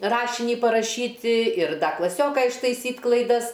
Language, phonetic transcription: Lithuanian, ˈrašinį paraˈšyti ir ˈda klaˈsioka ištaiˈsyt' klaiˈdas

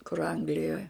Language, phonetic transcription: Lithuanian, kur ˈanglijoj

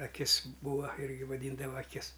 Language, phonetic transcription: Lithuanian, aˈkis ˈbūa ˈirgi vaˈdyndava aˈkis

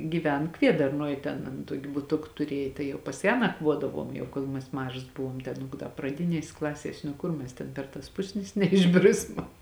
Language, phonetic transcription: Lithuanian, gyˈven ˈkviedarnuoj ˈten an ˈtuoki buˈtuk tuˈriej ˈtai jau pas ˈją nakˈvuodavuom jau ˈkol mes ˈmažas ˈbuvuom ten praˈdinies' ˈklasies' nu ˈkur ˈmes ten ˈper tas ˈpusnis neišˈbrisma

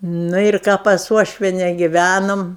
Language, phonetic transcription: Lithuanian, nu ir ˈką pas ˈuošviene giˈvænom

